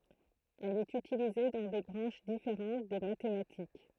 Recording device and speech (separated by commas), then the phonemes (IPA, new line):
throat microphone, read sentence
ɛl ɛt ytilize dɑ̃ de bʁɑ̃ʃ difeʁɑ̃t de matematik